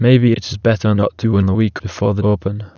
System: TTS, waveform concatenation